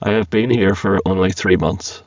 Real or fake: fake